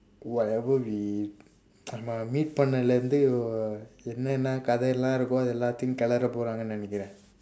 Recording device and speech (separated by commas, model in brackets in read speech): standing microphone, conversation in separate rooms